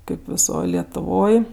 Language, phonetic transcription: Lithuanian, ˈkaip viˈsoj lietuˈvoj

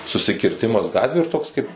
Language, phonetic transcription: Lithuanian, susikirˈtimas ˈgatviu ir ˈtoks ˈkaip

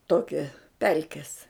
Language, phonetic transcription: Lithuanian, ˈtokia ˈpelkes

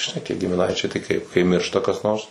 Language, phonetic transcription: Lithuanian, žiˈnai gimiˈnaičiai tai kaip kai ˈmiršta kas ˈnors

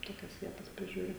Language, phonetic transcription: Lithuanian, ˈtokias ˈvietas priˈžiūri

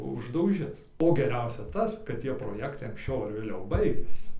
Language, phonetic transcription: Lithuanian, uždauˈžis o geˈriausia ˈtas kad ˈtie proˈjektai anksˈčiau ˈar vėˈliau ˈbaigiasi

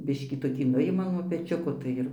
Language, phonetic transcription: Lithuanian, ˈbiškį toˈkį ˈnujima nuo peˈčiuko tai ˈir

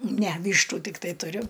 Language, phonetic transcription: Lithuanian, ne ˈvyštu tikˈtai tuˈriu

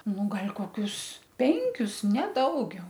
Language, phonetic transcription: Lithuanian, ˈnu ˈgal' koˈkius ˈpenkius ne ˈdaugiau

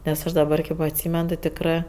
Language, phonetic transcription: Lithuanian, nes ˈaš daˈbar kėp atˈsymen ti tikˈrɜ

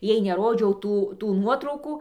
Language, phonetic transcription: Lithuanian, ˈjai neˈrodžiau ˈtų tų ˈnuotraukų

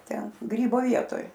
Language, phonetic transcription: Lithuanian, ˈten ˈgrybo ˈvietoj

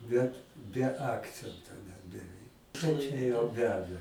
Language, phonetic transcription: Lithuanian, ˈbet be ˈakcento net beˈveik ˈčia jau ˈveda

